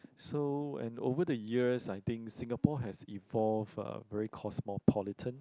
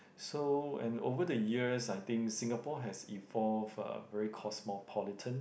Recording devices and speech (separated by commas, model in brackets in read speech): close-talking microphone, boundary microphone, conversation in the same room